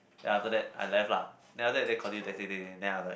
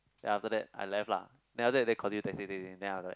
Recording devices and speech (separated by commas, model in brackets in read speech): boundary microphone, close-talking microphone, conversation in the same room